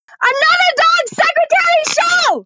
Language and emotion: English, disgusted